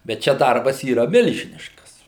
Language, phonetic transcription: Lithuanian, bet ˈčia ˈdarbas yˈra ˈmilžiniškas

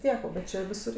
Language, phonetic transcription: Lithuanian, ˈtiek o bet ˈčia viˈsur

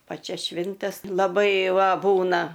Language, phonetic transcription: Lithuanian, ˈpačias ˈšvintes laˈbai ˈva ˈbūna

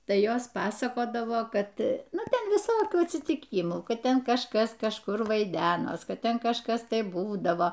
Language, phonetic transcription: Lithuanian, ˈtai ˈjos ˈpasakodavo ˈkad ˈnu ˈten viˈsokių atsytiˈkymų ˈkad ˈten kažˈkas kažˈkur vaiˈdenos ˈkad ˈten kažˈkas ˈtai ˈbūdavo

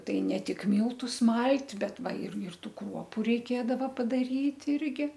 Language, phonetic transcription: Lithuanian, ˈtai ne ˈtik ˈmyltus ˈmalt' ˈbet ˈva ir ir ˈtų ˈkruopu reiˈkėdava padaˈryt' ˈirgi

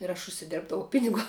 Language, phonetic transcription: Lithuanian, ir aš užsiˈdėrbdavau ˈpiniguo

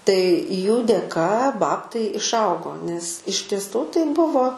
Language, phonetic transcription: Lithuanian, tai jų dėˈka ˈbabtai išˈaugo nes iš tieˈsų tai ˈbuvo

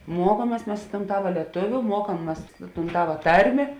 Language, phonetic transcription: Lithuanian, ˈmuokuomies ˈmes i ton ˈtava lieˈtuviu ˈmuokam ˈmas i tūn ˈtava ˈtarmė

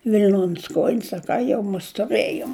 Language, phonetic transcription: Lithuanian, vil'ˈnon's ˈkojin's a ˈką jau mus tuˈrɘjom

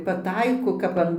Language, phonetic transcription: Lithuanian, paˈtaiko kap ˈan

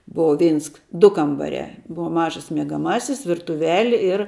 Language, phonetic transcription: Lithuanian, ˈbova ˈveins ˈdu kambaˈriā ˈbuva ˈmažas miegaˈmasis virtuˈveli ir

